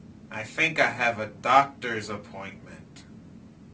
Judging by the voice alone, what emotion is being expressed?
neutral